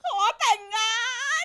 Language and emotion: Thai, happy